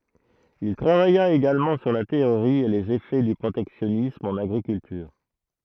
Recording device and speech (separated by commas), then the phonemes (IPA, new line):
throat microphone, read sentence
il tʁavaja eɡalmɑ̃ syʁ la teoʁi e lez efɛ dy pʁotɛksjɔnism ɑ̃n aɡʁikyltyʁ